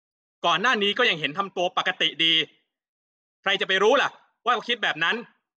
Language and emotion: Thai, angry